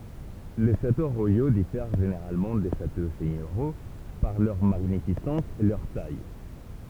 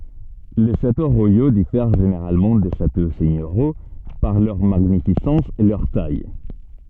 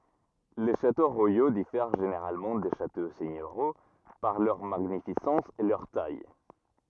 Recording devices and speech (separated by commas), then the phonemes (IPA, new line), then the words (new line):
temple vibration pickup, soft in-ear microphone, rigid in-ear microphone, read sentence
le ʃato ʁwajo difɛʁ ʒeneʁalmɑ̃ de ʃato sɛɲøʁjo paʁ lœʁ maɲifisɑ̃s e lœʁ taj
Les châteaux royaux diffèrent généralement des châteaux seigneuriaux par leur magnificence et leur taille.